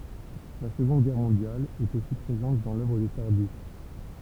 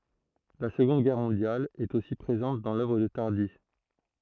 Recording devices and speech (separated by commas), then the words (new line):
temple vibration pickup, throat microphone, read sentence
La Seconde Guerre mondiale est aussi présente dans l'œuvre de Tardi.